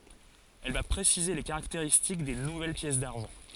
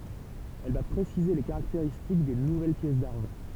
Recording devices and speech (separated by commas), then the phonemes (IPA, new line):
forehead accelerometer, temple vibration pickup, read sentence
ɛl va pʁesize le kaʁakteʁistik de nuvɛl pjɛs daʁʒɑ̃